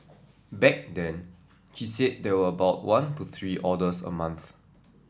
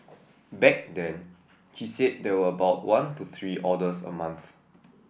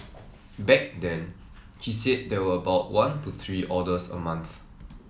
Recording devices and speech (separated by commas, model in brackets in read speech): standing microphone (AKG C214), boundary microphone (BM630), mobile phone (iPhone 7), read sentence